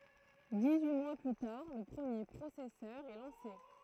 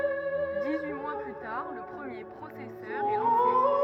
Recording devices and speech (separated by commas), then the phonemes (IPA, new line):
throat microphone, rigid in-ear microphone, read sentence
dis yi mwa ply taʁ lə pʁəmje pʁosɛsœʁ ɛ lɑ̃se